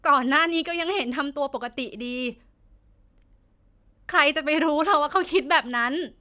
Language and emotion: Thai, sad